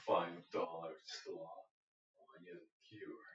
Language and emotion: English, angry